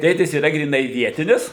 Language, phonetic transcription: Lithuanian, ˈtėtis yˈra gryˈnai ˈvietinis

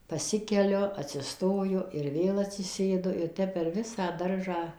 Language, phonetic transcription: Lithuanian, paˈsikeliu atsiˈstoju ir ˈvėl atsiˈsėdu ir ˈtep per ˈvisą ˈdaržą

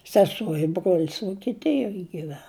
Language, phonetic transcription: Lithuanian, seˈsuo i ˈbruolis vuokiˈtijoj giˈven

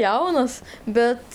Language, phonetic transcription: Lithuanian, ˈjaunas ˈbet

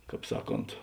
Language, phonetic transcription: Lithuanian, ˈkāp ˈsaˌkont

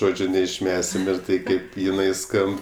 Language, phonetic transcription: Lithuanian, ˈžodžiu neišˈmesim ir ˈtai kaip jiˈnai ˈskamb

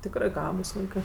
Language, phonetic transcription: Lithuanian, ˈtikrɜ ˈgabus ˈvaikɜ

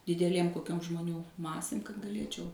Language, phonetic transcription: Lithuanian, dideˈlėm koˈkiom žmoˈnių ˈmasėm kad gaˈlėčiau

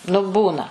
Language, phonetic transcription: Lithuanian, nu ˈbūna

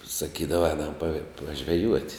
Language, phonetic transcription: Lithuanian, saˈkydava ˈēnam pa pažveˈjuot'

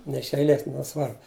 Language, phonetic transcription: Lithuanian, ne iš eiˈlės neˈsvarbu

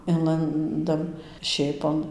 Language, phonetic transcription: Lithuanian, ˈinlandam ˈšėpon

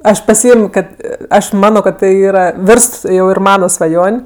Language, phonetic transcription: Lithuanian, ˈaš paˈsiėmio ˈkad ˈaš ˈmano kad ˈtai ˈyra ˈvirst jau ir ˈmana svaˈjon'

